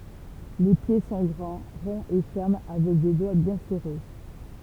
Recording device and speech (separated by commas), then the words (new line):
temple vibration pickup, read sentence
Les pieds sont grands, ronds et fermes avec des doigts bien serrés.